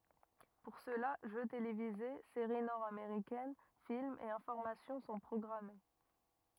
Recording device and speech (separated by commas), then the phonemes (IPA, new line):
rigid in-ear microphone, read sentence
puʁ səla ʒø televize seʁi nɔʁdameʁikɛn filmz e ɛ̃fɔʁmasjɔ̃ sɔ̃ pʁɔɡʁame